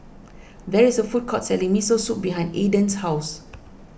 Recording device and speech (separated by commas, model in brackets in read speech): boundary microphone (BM630), read sentence